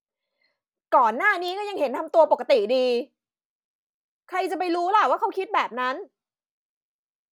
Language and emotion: Thai, angry